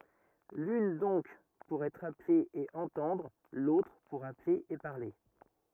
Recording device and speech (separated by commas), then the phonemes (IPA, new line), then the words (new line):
rigid in-ear microphone, read sentence
lyn dɔ̃k puʁ ɛtʁ aple e ɑ̃tɑ̃dʁ lotʁ puʁ aple e paʁle
L'une donc pour être appelé et entendre, l'autre pour appeler et parler.